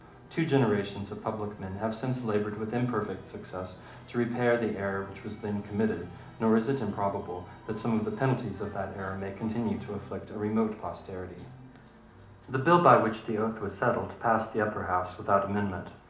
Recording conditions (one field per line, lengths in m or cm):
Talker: one person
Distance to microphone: 2.0 m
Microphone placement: close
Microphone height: 99 cm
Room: medium-sized (5.7 m by 4.0 m)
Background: television